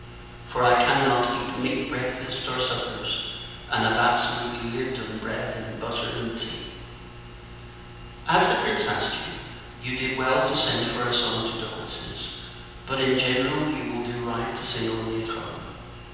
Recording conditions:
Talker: one person; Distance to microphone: 7.1 m; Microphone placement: far; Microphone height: 1.7 m; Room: very reverberant, large; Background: none

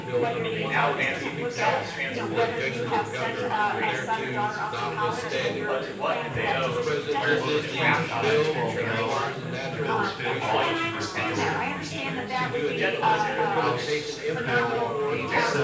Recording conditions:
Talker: one person; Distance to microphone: 9.8 m; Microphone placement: far; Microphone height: 1.8 m; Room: large; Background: babble

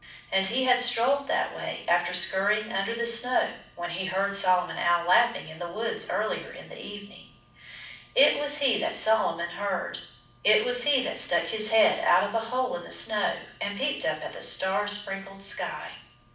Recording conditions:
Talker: one person; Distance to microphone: 5.8 m; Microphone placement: far; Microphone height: 1.8 m; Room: medium-sized (5.7 m by 4.0 m); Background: none

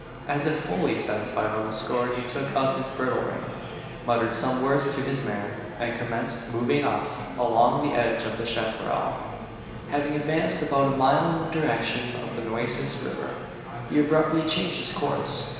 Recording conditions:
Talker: one person; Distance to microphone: 1.7 m; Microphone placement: close; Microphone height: 1.0 m; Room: very reverberant, large; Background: babble

